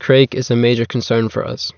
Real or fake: real